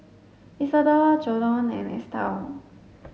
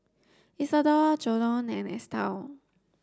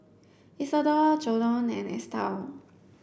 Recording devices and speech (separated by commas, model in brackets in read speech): mobile phone (Samsung S8), standing microphone (AKG C214), boundary microphone (BM630), read sentence